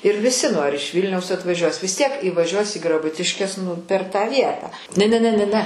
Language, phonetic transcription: Lithuanian, ir viˈsi nu ar iš ˈvylniaus atvaˈžiuos vis tiek įvaˈžiuos į graˈbutiškes nu per tą ˈvietą ne ne ˈne ne ˈne

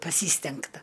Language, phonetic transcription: Lithuanian, paˈsystengta

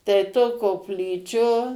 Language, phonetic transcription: Lithuanian, tai to kopˈlyčio

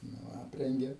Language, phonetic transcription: Lithuanian, nu ˈaprengė

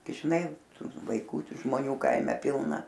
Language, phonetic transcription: Lithuanian, gi žiˈnai ˈtų vaiˈkų ˈtų žmoˈnių ˈkaime ˈpilna

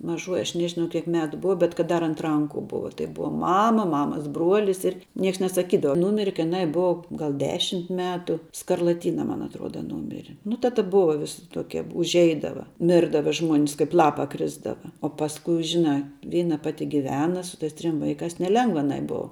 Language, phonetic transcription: Lithuanian, maˈžuoji aš ˈnežinau kiek ˈmetu ˈbuva bet kad ˈdar ant ˈranku ˈbuva tai ˈbuva ˈmama ˈmamas ˈbruolis ˈir ˈnieks nesaˈkydava ˈnūmire kai jiˈnai ˈbuva ˈgal ˈdešimt ˈmetu skarlaˈtyna man atˈruoda ˈnūmiri nu ta ˈta ˈbuva ˈvisi ˈtokie užˈeidava ˈmirdava žmuon's ˈkaip ˈlapa ˈkrisdava o pasˈkui ˈžinā ˈvyna ˈpati giˈvena su ˈtais ˈtrim ˈvaikās neˈlengva aˈnai ˈbou

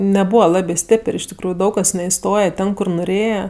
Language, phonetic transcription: Lithuanian, neˈbūva ˈlabė ˈstėpər' iš tikˈrųju ˈdaug kas neiˈstoje ˈten kur nuˈrėje

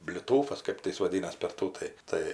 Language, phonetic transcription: Lithuanian, bliˈtūfas ˈkɜp tai ˈjis vaˈdynas per ˈtų tai ˈtai

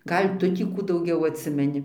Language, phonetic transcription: Lithuanian, ˈgal' ˈtu tį ˈkų dauˈgiau atˈsimeni

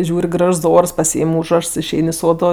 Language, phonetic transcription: Lithuanian, ˈžiūr' ˈgražs ˈors paˈsyim ˈūžrašs išˈein i ˈsodo

